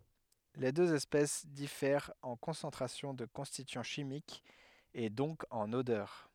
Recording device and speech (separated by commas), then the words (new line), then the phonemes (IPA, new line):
headset microphone, read sentence
Les deux espèces diffèrent en concentration de constituants chimiques et donc en odeur.
le døz ɛspɛs difɛʁt ɑ̃ kɔ̃sɑ̃tʁasjɔ̃ də kɔ̃stityɑ̃ ʃimikz e dɔ̃k ɑ̃n odœʁ